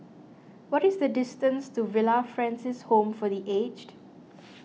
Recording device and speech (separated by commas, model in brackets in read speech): mobile phone (iPhone 6), read sentence